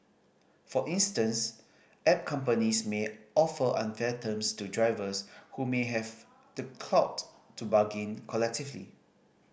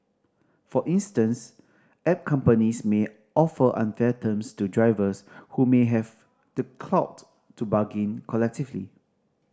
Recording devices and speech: boundary microphone (BM630), standing microphone (AKG C214), read sentence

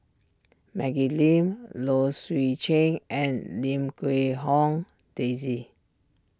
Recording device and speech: standing microphone (AKG C214), read sentence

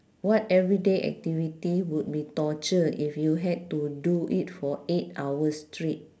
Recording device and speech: standing microphone, conversation in separate rooms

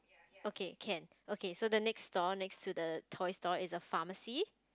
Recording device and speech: close-talking microphone, conversation in the same room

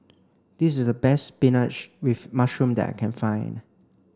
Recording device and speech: standing microphone (AKG C214), read sentence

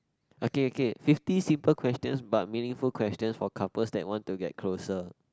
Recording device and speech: close-talking microphone, conversation in the same room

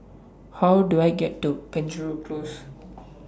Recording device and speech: standing microphone (AKG C214), read sentence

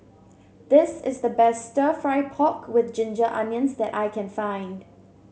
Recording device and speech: mobile phone (Samsung C7), read sentence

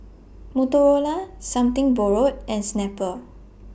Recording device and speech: boundary microphone (BM630), read sentence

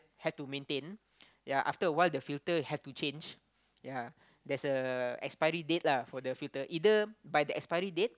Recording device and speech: close-talking microphone, conversation in the same room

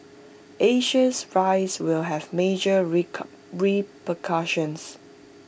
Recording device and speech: boundary microphone (BM630), read sentence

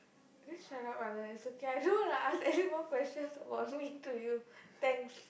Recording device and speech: boundary microphone, conversation in the same room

